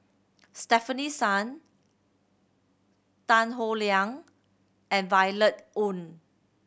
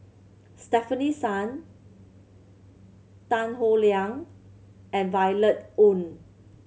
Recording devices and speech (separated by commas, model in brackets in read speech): boundary microphone (BM630), mobile phone (Samsung C7100), read sentence